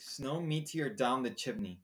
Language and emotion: English, disgusted